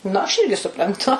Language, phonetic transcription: Lithuanian, ˈnu aš ˈirgi supranˈtu

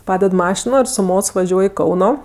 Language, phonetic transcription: Lithuanian, ˈpaded ˈmašino ir su ˈmots vaˈžiuoj i ˈkauno

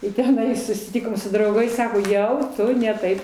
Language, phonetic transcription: Lithuanian, i teˈnai susiˈtikom su drauˈgais ˈsako ˈjau ˈtu ne ˈtaip

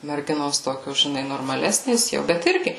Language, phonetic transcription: Lithuanian, merˈginos ˈtokios žiˈnai normaˈlesnės ˈjau bet ˈirgi

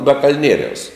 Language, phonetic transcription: Lithuanian, ba kal'ˈnieriaus

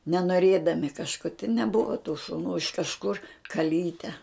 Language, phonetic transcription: Lithuanian, nenoˈrėdami kažˈko ti neˈbuva tų šuˈnų iš kažˈkur kaˈlyte

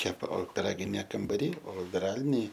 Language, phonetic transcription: Lithuanian, ˈkepa o piˈraginė kambaˈry o viˈralinė

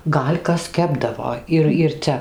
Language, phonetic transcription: Lithuanian, ˈgal' ˈkas ˈkepdavo ir ir ˈcia

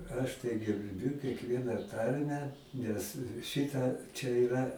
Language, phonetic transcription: Lithuanian, ˈaš tai gerˈbiu kekˈvieną ˈtarmę ˈnes ˈšita čia iˈra

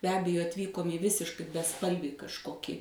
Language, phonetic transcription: Lithuanian, be ˈabejo atˈvykom į ˈvisiškai beˈspalvį kažˈkokį

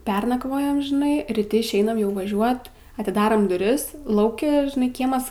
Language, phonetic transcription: Lithuanian, ˈpernakvojam žiˈnai ryˈti išˈeinam jau vaˈžiuot atiˈdaram duˈris ˈlauki žiˈnai ˈkiemas

